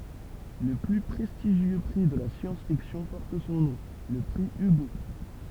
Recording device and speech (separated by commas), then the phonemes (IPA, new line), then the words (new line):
temple vibration pickup, read sentence
lə ply pʁɛstiʒjø pʁi də la sjɑ̃s fiksjɔ̃ pɔʁt sɔ̃ nɔ̃ lə pʁi yɡo
Le plus prestigieux prix de la science-fiction porte son nom, le prix Hugo.